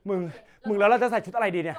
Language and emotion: Thai, happy